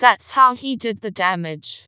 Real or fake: fake